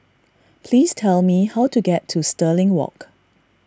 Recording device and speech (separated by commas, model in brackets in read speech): standing microphone (AKG C214), read sentence